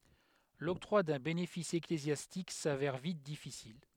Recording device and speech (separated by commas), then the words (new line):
headset microphone, read sentence
L'octroi d'un bénéfice ecclésiastique s'avère vite difficile.